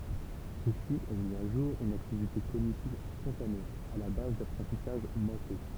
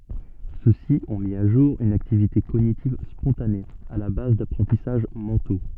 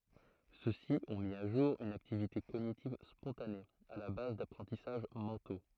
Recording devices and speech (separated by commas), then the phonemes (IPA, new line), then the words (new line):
temple vibration pickup, soft in-ear microphone, throat microphone, read sentence
sø si ɔ̃ mi a ʒuʁ yn aktivite koɲitiv spɔ̃tane a la baz dapʁɑ̃tisaʒ mɑ̃to
Ceux-ci ont mis à jour une activité cognitive spontanée, à la base d'apprentissages mentaux.